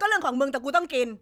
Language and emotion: Thai, angry